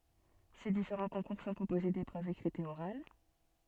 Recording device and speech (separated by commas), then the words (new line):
soft in-ear microphone, read sentence
Ces différents concours sont composés d'épreuves écrites et orales.